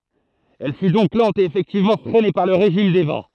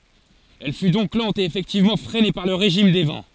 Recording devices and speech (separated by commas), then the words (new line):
throat microphone, forehead accelerometer, read sentence
Elle fut donc lente et effectivement freinée par le régime des vents.